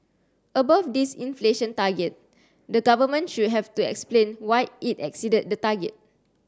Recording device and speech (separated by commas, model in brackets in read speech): standing microphone (AKG C214), read sentence